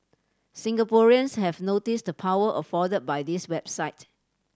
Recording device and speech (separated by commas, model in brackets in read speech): standing microphone (AKG C214), read sentence